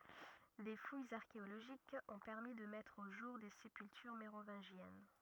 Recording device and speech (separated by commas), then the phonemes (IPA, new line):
rigid in-ear microphone, read sentence
de fujz aʁkeoloʒikz ɔ̃ pɛʁmi də mɛtʁ o ʒuʁ de sepyltyʁ meʁovɛ̃ʒjɛn